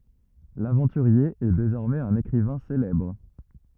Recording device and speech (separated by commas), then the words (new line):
rigid in-ear microphone, read sentence
L’aventurier est désormais un écrivain célèbre.